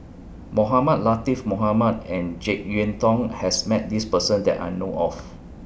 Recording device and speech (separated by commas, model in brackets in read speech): boundary microphone (BM630), read sentence